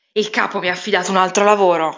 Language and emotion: Italian, angry